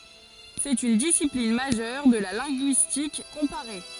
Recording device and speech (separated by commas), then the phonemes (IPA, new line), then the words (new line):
forehead accelerometer, read sentence
sɛt yn disiplin maʒœʁ də la lɛ̃ɡyistik kɔ̃paʁe
C'est une discipline majeure de la linguistique comparée.